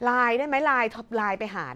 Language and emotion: Thai, frustrated